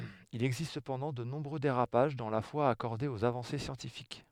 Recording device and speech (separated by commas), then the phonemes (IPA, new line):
headset microphone, read sentence
il ɛɡzist səpɑ̃dɑ̃ də nɔ̃bʁø deʁapaʒ dɑ̃ la fwa akɔʁde oz avɑ̃se sjɑ̃tifik